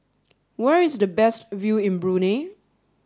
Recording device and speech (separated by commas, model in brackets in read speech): standing microphone (AKG C214), read sentence